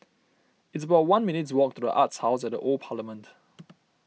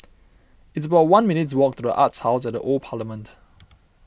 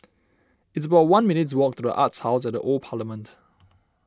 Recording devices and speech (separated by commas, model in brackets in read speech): mobile phone (iPhone 6), boundary microphone (BM630), standing microphone (AKG C214), read sentence